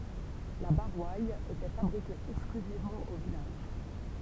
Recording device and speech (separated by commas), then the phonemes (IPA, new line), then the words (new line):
temple vibration pickup, read sentence
la boʁwal etɛ fabʁike ɛksklyzivmɑ̃ o vilaʒ
La Boroille était fabriquée exclusivement au village.